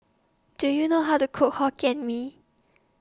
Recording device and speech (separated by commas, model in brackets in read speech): standing microphone (AKG C214), read sentence